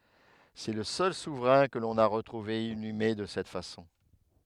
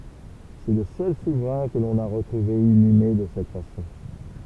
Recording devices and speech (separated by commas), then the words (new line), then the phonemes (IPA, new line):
headset microphone, temple vibration pickup, read sentence
C'est le seul souverain que l'on a retrouvé inhumé de cette façon.
sɛ lə sœl suvʁɛ̃ kə lɔ̃n a ʁətʁuve inyme də sɛt fasɔ̃